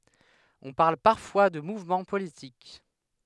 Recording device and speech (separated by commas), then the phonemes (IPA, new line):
headset microphone, read sentence
ɔ̃ paʁl paʁfwa də muvmɑ̃ politik